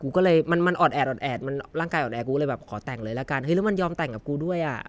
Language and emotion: Thai, neutral